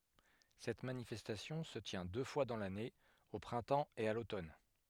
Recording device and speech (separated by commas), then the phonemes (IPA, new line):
headset microphone, read sentence
sɛt manifɛstasjɔ̃ sə tjɛ̃ dø fwa dɑ̃ lane o pʁɛ̃tɑ̃ e a lotɔn